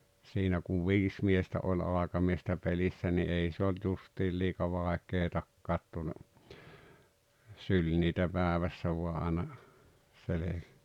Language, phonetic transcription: Finnish, 'siinä kuv "viis miestä ’oĺ 'àekamiestä 'pelissä ni 'ei se olt 'justiil liika 'vàek̀eetakkaat tuone , 'syĺ niitä 'päävässä vua ’aaena , 'sele- .
- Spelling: siinä kun viisi miestä oli aikamiestä pelissä niin ei se ollut justiin liian vaikeatakaan tuonne syli niitä päivässä vain aina -

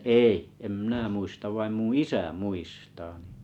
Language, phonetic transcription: Finnish, ei , 'em mⁱnä 'muistav vaim 'muṵ "isä "muistaa nⁱ .
- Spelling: ei en minä muista vaan minun isä muistaa niin

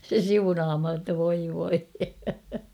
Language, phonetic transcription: Finnish, 'se "siunaamha ‿tta 'voi voi .
- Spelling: se siunaamaan jotta voi voi

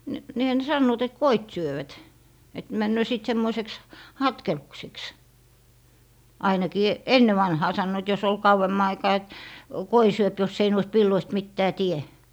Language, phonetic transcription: Finnish, n - 'niihä ne 'sannoot ‿et "koit 'syövät , et 'männöö 'sìt 'semmoiseks , "hatkelukseks , 'ainakii , "enne vanhaa 'sannoit jos ‿ol 'kauwemma aikaa et , "koi 'syöp jossei nɔist villoist 'mittää "tie .
- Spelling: - niinhän ne sanovat että koit syövät että menee sitten semmoiseksi hatkelukseksi ainakin ennen vanhaan sanoivat jos oli kauemman aikaa että koi syö jos ei noista villoista mitään tee

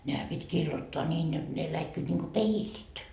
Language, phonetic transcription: Finnish, nehä 'pit́ "kiillottoa ńiin jot , ne 'läikkyit niŋko "peilit .
- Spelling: nehän piti kiillottaa niin jotta ne läikkyivät niin kuin peilit

